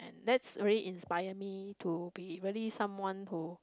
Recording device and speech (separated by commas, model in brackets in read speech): close-talking microphone, conversation in the same room